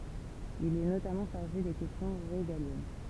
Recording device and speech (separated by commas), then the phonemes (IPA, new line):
temple vibration pickup, read sentence
il ɛ notamɑ̃ ʃaʁʒe de kɛstjɔ̃ ʁeɡaljɛn